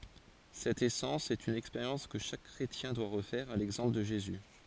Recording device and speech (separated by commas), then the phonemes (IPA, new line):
forehead accelerometer, read sentence
sɛt esɑ̃s sɛt yn ɛkspeʁjɑ̃s kə ʃak kʁetjɛ̃ dwa ʁəfɛʁ a lɛɡzɑ̃pl də ʒezy